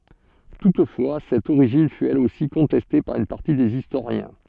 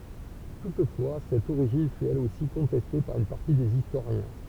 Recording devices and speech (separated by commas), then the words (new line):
soft in-ear microphone, temple vibration pickup, read sentence
Toutefois, cette origine fût elle aussi contestée par une partie des historiens.